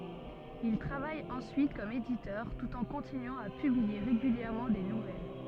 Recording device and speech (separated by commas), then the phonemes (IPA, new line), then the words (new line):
soft in-ear microphone, read sentence
il tʁavaj ɑ̃syit kɔm editœʁ tut ɑ̃ kɔ̃tinyɑ̃ a pyblie ʁeɡyljɛʁmɑ̃ de nuvɛl
Il travaille ensuite comme éditeur, tout en continuant à publier régulièrement des nouvelles.